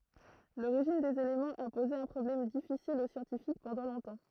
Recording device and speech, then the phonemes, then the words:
throat microphone, read sentence
loʁiʒin dez elemɑ̃z a poze œ̃ pʁɔblɛm difisil o sjɑ̃tifik pɑ̃dɑ̃ lɔ̃tɑ̃
L'origine des éléments a posé un problème difficile aux scientifiques pendant longtemps.

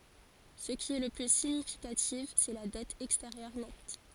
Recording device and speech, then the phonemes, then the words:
forehead accelerometer, read sentence
sə ki ɛ lə ply siɲifikatif sɛ la dɛt ɛksteʁjœʁ nɛt
Ce qui est le plus significatif, c'est la dette extérieure nette.

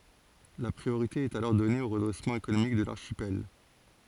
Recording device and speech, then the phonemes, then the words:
forehead accelerometer, read sentence
la pʁioʁite ɛt alɔʁ dɔne o ʁədʁɛsmɑ̃ ekonomik də laʁʃipɛl
La priorité est alors donnée au redressement économique de l'archipel.

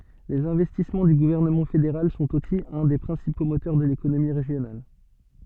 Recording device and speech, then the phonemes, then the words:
soft in-ear microphone, read sentence
lez ɛ̃vɛstismɑ̃ dy ɡuvɛʁnəmɑ̃ fedeʁal sɔ̃t osi œ̃ de pʁɛ̃sipo motœʁ də lekonomi ʁeʒjonal
Les investissements du gouvernement fédéral sont aussi un des principaux moteurs de l'économie régionale.

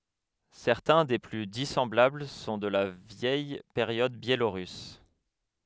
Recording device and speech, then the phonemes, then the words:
headset microphone, read sentence
sɛʁtɛ̃ de ply disɑ̃blabl sɔ̃ də la vjɛj peʁjɔd bjeloʁys
Certains des plus dissemblables sont de la vieille période biélorusse.

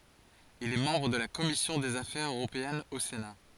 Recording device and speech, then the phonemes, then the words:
forehead accelerometer, read sentence
il ɛ mɑ̃bʁ də la kɔmisjɔ̃ dez afɛʁz øʁopeɛnz o sena
Il est membre de la Commission des affaires européennes au Sénat.

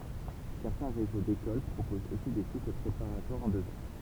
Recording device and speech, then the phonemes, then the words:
temple vibration pickup, read sentence
sɛʁtɛ̃ ʁezo dekol pʁopozt osi de sikl pʁepaʁatwaʁz ɑ̃ døz ɑ̃
Certains réseaux d'écoles proposent aussi des cycles préparatoires en deux ans.

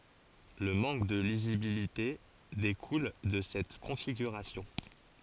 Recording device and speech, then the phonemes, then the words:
forehead accelerometer, read sentence
lə mɑ̃k də lizibilite dekul də sɛt kɔ̃fiɡyʁasjɔ̃
Le manque de lisibilité découle de cette configuration.

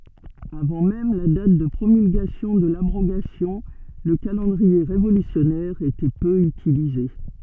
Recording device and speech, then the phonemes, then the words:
soft in-ear microphone, read sentence
avɑ̃ mɛm la dat də pʁomylɡasjɔ̃ də labʁoɡasjɔ̃ lə kalɑ̃dʁie ʁevolysjɔnɛʁ etɛ pø ytilize
Avant même la date de promulgation de l’abrogation, le calendrier révolutionnaire était peu utilisé.

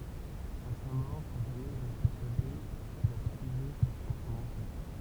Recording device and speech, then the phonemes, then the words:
temple vibration pickup, read sentence
a sa mɔʁ sa famij ʁɛst pɛʁsyade kil a pyize sa sjɑ̃s ɑ̃n ɑ̃fɛʁ
À sa mort, sa famille reste persuadée qu'il a puisé sa science en enfer.

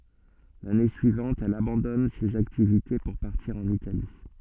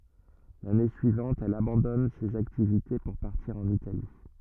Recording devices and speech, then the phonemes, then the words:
soft in-ear microphone, rigid in-ear microphone, read sentence
lane syivɑ̃t ɛl abɑ̃dɔn sez aktivite puʁ paʁtiʁ ɑ̃n itali
L'année suivante, elle abandonne ces activités pour partir en Italie.

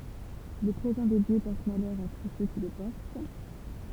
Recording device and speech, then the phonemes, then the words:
temple vibration pickup, read sentence
lə pʁezɑ̃ de djø pɔʁt malœʁ a tus sø ki lə pɔʁt
Le présent des dieux porte malheur à tous ceux qui le portent.

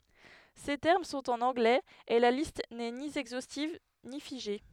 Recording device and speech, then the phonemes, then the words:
headset microphone, read sentence
se tɛʁm sɔ̃t ɑ̃n ɑ̃ɡlɛz e la list nɛ ni ɛɡzostiv ni fiʒe
Ces termes sont en anglais, et la liste n'est ni exhaustive ni figée.

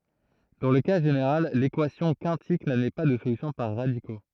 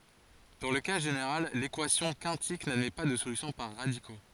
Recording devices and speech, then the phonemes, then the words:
throat microphone, forehead accelerometer, read sentence
dɑ̃ lə ka ʒeneʁal lekwasjɔ̃ kɛ̃tik nadmɛ pa də solysjɔ̃ paʁ ʁadiko
Dans le cas général, l'équation quintique n'admet pas de solution par radicaux.

